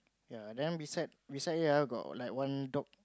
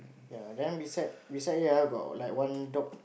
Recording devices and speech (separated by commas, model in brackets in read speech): close-talking microphone, boundary microphone, conversation in the same room